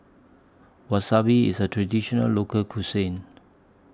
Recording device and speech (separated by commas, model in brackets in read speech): standing microphone (AKG C214), read sentence